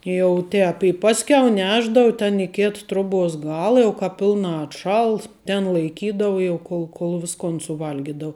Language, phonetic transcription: Lithuanian, jau ˈtēp i ˈpaskiau ˈnešdavu ten i ˈkėt troˈbuos ˈgala jau ˈkāp ˈpilnā atˈšals ten laiˈkydavu jau ˈkol kol ˈviskon suˈvalgidavu

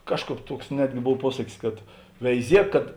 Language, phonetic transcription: Lithuanian, ˈkažˌkāp ˈtuoks ˈnetgi ˈbov ˈpuosakis kad veiˈziek kad

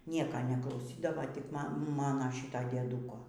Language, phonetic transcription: Lithuanian, ˈnieka neklauˈsydava tik ˈma ˈmano ˈšyto dieˈdūko

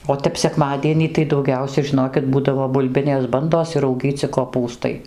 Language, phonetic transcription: Lithuanian, o ˈtep sekˈmadienį tai dauˈgiausia žiˈnokit ˈbūdavo bulˈbinės ˈbandos ir rauˈgyci koˈpūstai

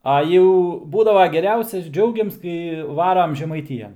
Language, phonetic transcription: Lithuanian, ˈa jau ˈbūdavo geˈriausias ˈdžiaugims kai ˈvaram žemaiˈtijan

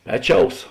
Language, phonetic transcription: Lithuanian, ˈpeˌčiaus

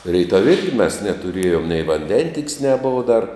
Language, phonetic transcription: Lithuanian, ˈreitav' ˈirgi mes netuˈriejum nei vanˈdentik's' neˈbova dar

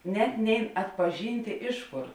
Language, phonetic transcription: Lithuanian, ˈnet ˈnein atpaˈžyntė ˈiš ˌkor

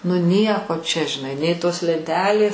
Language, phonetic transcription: Lithuanian, nu ˈnieko čia žiˈnai nei ˈtos lenˈtelės

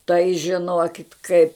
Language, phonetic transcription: Lithuanian, tai žiˈnokit kaip

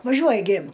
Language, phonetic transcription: Lithuanian, vaˈžiuoja gi

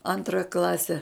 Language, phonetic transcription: Lithuanian, ˈantra ˈklase

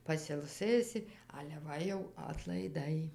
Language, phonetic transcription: Lithuanian, pasilˈsɘsi ale ˈva jau atlaiˈdai

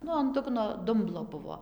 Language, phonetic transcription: Lithuanian, ˈnu an ˈdugno ˈdumblo ˈbuvo

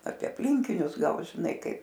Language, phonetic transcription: Lithuanian, apie apˈlinkinius ˈgal žiˈnai ˈkaip

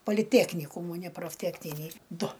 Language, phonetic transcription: Lithuanian, poliˈteknykūmų ne profˈtekninį ˈdu

